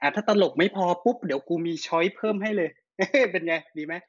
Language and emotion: Thai, happy